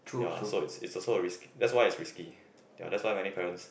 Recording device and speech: boundary microphone, conversation in the same room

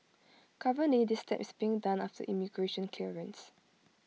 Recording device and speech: mobile phone (iPhone 6), read sentence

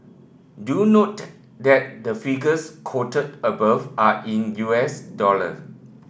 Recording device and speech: boundary microphone (BM630), read sentence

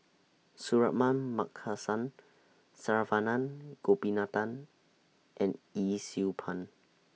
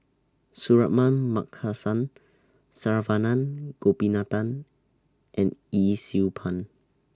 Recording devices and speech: mobile phone (iPhone 6), standing microphone (AKG C214), read sentence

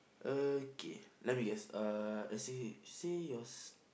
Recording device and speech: boundary microphone, conversation in the same room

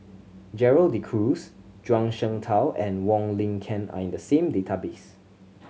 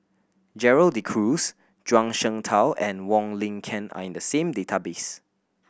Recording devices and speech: mobile phone (Samsung C7100), boundary microphone (BM630), read sentence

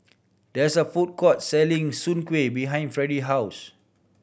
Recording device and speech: boundary microphone (BM630), read sentence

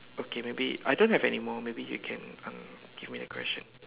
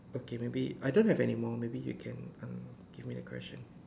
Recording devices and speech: telephone, standing microphone, conversation in separate rooms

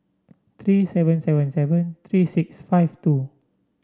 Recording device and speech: standing microphone (AKG C214), read sentence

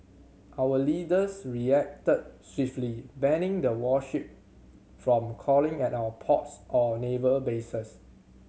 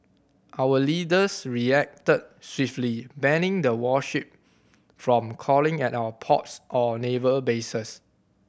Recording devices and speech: mobile phone (Samsung C7100), boundary microphone (BM630), read sentence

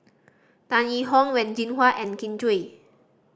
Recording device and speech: standing microphone (AKG C214), read sentence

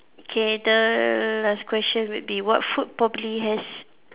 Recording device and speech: telephone, conversation in separate rooms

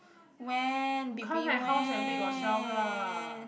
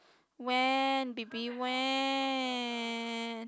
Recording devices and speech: boundary microphone, close-talking microphone, conversation in the same room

